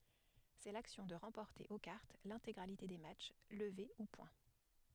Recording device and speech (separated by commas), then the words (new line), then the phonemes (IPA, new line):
headset microphone, read sentence
C'est l'action de remporter, aux cartes, l'intégralité des matchs, levées ou points.
sɛ laksjɔ̃ də ʁɑ̃pɔʁte o kaʁt lɛ̃teɡʁalite de matʃ ləve u pwɛ̃